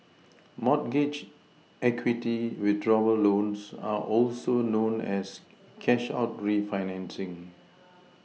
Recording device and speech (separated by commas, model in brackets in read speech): mobile phone (iPhone 6), read sentence